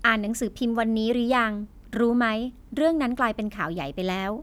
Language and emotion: Thai, neutral